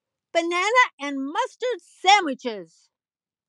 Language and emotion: English, neutral